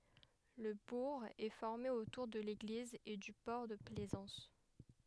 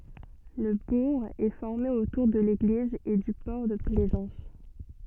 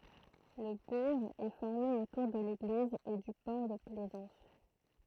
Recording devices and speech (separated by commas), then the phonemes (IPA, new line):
headset microphone, soft in-ear microphone, throat microphone, read sentence
lə buʁ ɛ fɔʁme otuʁ də leɡliz e dy pɔʁ də plɛzɑ̃s